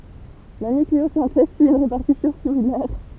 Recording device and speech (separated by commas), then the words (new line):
temple vibration pickup, read sentence
La nucléosynthèse suit une répartition similaire.